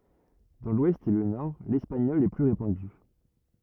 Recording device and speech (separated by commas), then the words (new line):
rigid in-ear microphone, read sentence
Dans l'Ouest et le Nord, l'espagnol est plus répandu.